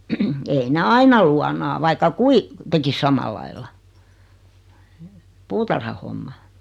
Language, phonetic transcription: Finnish, 'ei ne 'aina luanaa 'vaika "kui , 'tekis "samalailla , 'puutarhahomma .
- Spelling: ei ne aina luonaa vaikka kuinka tekisi samalla lailla puutarhahomma

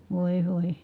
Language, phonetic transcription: Finnish, vòi̮ , vòi .
- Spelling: voi voi

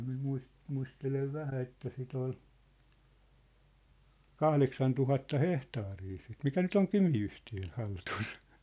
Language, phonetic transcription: Finnish, mi(m) 'muis- , 'muistelev "vähä että sit ‿ol , "kahleksan 'tuhatta "hehtaarii sit "mikä "nyt ‿oŋ "Kymi₍yhtiön̬ 'haltus .
- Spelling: minä - muistelen vähän että sitä oli kahdeksan tuhatta hehtaaria sitä mikä nyt on Kymi-yhtiön hallussa

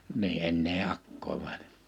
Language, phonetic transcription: Finnish, nii ennee 'akkoiv (väḙʟᴇ) .
- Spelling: niin enää akkojen väellä

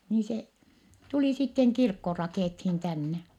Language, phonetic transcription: Finnish, nii se , tulì sitteŋ kirkko rakèthin tänne .
- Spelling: niin se tuli sitten kirkko rakennettiin tänne

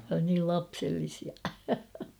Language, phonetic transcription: Finnish, niil 'lapsellisia .
- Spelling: niin lapsellisia

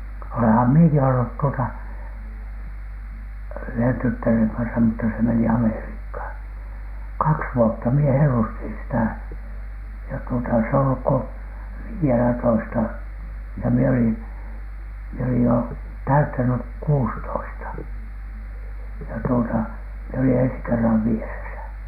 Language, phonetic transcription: Finnish, oleham "mieki ollut tuota , 'yhen 'tyttäreŋ kansa mutta se meni "Ameriikhàn , "kaks "vuotta mie 'hellustin sitä̀ , ja tuota , s ‿e ‿olluk ko "vii₍elätoista , ja mie olin , mie olij jo 'täyttänyk "kuustoista , ja tuota , mie olin 'ensi 'kerrav "vieresä .
- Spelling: olenhan minäkin ollut tuota yhden tyttären kanssa mutta se meni Amerikkaan kaksi vuotta minä hellustin sitä ja tuota se ei ollut kuin viidellätoista ja minä olin minä olin jo täyttänyt kuusitoista ja tuota minä olin ensi kerran vieressä

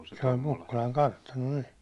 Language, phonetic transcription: Finnish, se oĺ 'Mukkulaŋ "kartano nii .
- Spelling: se oli Mukkulan kartano niin

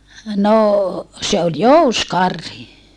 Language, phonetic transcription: Finnish, nò se ol jouskarhi .
- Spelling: no se oli jousikarhi

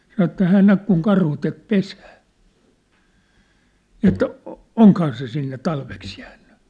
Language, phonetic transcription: Finnish, sanŏ ĕt » 'hään näk kuŋ 'karhu tek "pesää , ni ‿et , 'oŋkhaa se sinne 'talveks jäänny ? «
- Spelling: sanoi että hän näki kun karhu teki pesää niin että onkohan se sinne talveksi jäänyt

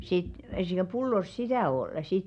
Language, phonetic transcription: Finnish, sit , s(iᵗᵃ̈) 'pullos "sitä̀ 'ol̀ sit .
- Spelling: sitten sitä pullossa sitä oli sitten

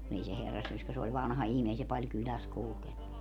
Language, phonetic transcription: Finnish, kun ‿ei se 'herrassyöskä se oĺ 'vanha 'ihmii ei se paĺ 'kyläs 'kulkennu .
- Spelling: kun ei se herrassyöskä se oli vanha ihminen ei se paljon kylässä kulkenut

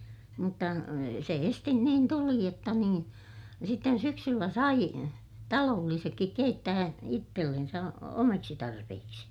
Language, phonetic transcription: Finnish, mutta se estin niin tuli jotta niin , sitten syksyllä sai , taloollisekkik keittää , ittellensä , omaksi tarpehiksi .
- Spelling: mutta se esisti niin tuli jotta niin sitten syksyllä sai talollisetkin keittää itsellensä omaksi tarpeiksi

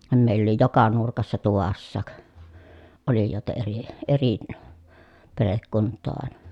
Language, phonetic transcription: Finnish, mèill ‿oli joka nurkassa tuvassaak , olijòeta eri , eri , perekkunt̆too àena .
- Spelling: meillä oli joka nurkassa tuvassakin olijoita eri eri perhekuntaa aina

